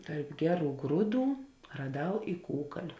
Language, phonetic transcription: Lithuanian, ˈtarp ˈgeˌrų ˈgrūˌdų raˈdau i ˈkūkaliu

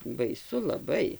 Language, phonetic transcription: Lithuanian, baiˈsu laˈbai

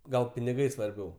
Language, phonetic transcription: Lithuanian, ˈgal piniˈgai svarˈbiau

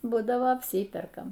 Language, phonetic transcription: Lithuanian, ˈbūdavo apˈsyperkam

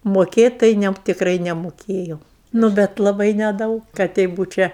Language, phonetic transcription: Lithuanian, moˈkėt' tai ˈne tikˈrai nemoˈkėjau nu ˈbet laˈbai neˈdaug ka ˈtei ˈbūčia

